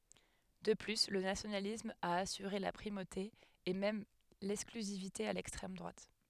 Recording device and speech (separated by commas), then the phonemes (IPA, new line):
headset microphone, read sentence
də ply lə nasjonalism a asyʁe la pʁimote e mɛm lɛksklyzivite a lɛkstʁɛm dʁwat